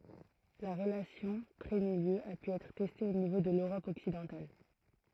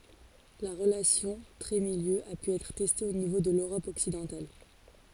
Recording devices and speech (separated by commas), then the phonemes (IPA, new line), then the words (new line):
throat microphone, forehead accelerometer, read sentence
la ʁəlasjɔ̃ tʁɛtmiljø a py ɛtʁ tɛste o nivo də løʁɔp ɔksidɑ̃tal
La relation trait-milieu a pu être testée au niveau de l'Europe occidentale.